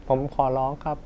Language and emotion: Thai, sad